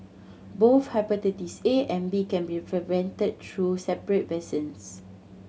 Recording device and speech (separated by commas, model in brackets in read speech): mobile phone (Samsung C7100), read sentence